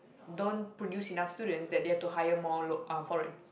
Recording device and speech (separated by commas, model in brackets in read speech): boundary microphone, conversation in the same room